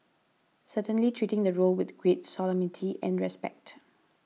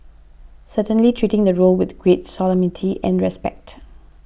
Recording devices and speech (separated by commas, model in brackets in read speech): mobile phone (iPhone 6), boundary microphone (BM630), read sentence